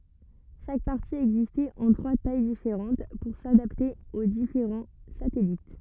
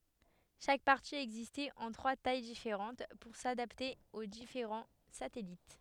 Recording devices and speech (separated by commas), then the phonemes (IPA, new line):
rigid in-ear microphone, headset microphone, read sentence
ʃak paʁti ɛɡzistɛt ɑ̃ tʁwa taj difeʁɑ̃t puʁ sadapte o difeʁɑ̃ satɛlit